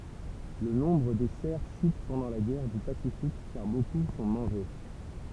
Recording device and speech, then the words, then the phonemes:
temple vibration pickup, read sentence
Le nombre des cerfs chute pendant la guerre du Pacifique car beaucoup sont mangés.
lə nɔ̃bʁ de sɛʁ ʃyt pɑ̃dɑ̃ la ɡɛʁ dy pasifik kaʁ boku sɔ̃ mɑ̃ʒe

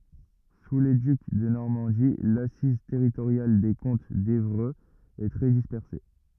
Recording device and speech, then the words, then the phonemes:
rigid in-ear microphone, read sentence
Sous les ducs de Normandie, l'assise territoriale des comtes d’Évreux est très dispersée.
su le dyk də nɔʁmɑ̃di lasiz tɛʁitoʁjal de kɔ̃t devʁøz ɛ tʁɛ dispɛʁse

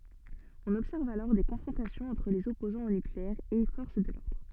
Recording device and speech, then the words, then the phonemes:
soft in-ear microphone, read sentence
On observe alors des confrontations entre les opposants au nucléaire et forces de l’ordre.
ɔ̃n ɔbsɛʁv alɔʁ de kɔ̃fʁɔ̃tasjɔ̃z ɑ̃tʁ lez ɔpozɑ̃z o nykleɛʁ e fɔʁs də lɔʁdʁ

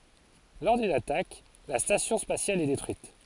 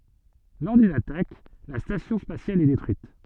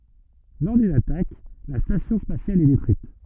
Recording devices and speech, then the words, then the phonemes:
forehead accelerometer, soft in-ear microphone, rigid in-ear microphone, read sentence
Lors d'une attaque, la station spatiale est détruite.
lɔʁ dyn atak la stasjɔ̃ spasjal ɛ detʁyit

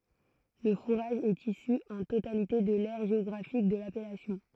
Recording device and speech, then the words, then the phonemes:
throat microphone, read sentence
Le fourrage est issu en totalité de l’aire géographique de l’appellation.
lə fuʁaʒ ɛt isy ɑ̃ totalite də lɛʁ ʒeɔɡʁafik də lapɛlasjɔ̃

